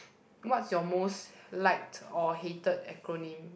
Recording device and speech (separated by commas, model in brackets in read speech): boundary microphone, conversation in the same room